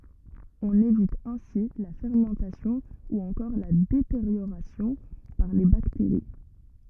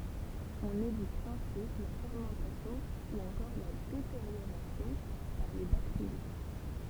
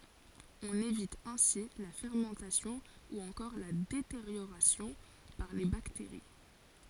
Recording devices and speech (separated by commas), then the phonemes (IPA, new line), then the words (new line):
rigid in-ear microphone, temple vibration pickup, forehead accelerometer, read sentence
ɔ̃n evit ɛ̃si la fɛʁmɑ̃tasjɔ̃ u ɑ̃kɔʁ la deteʁjoʁasjɔ̃ paʁ le bakteʁi
On évite ainsi la fermentation ou encore la détérioration par les bactéries.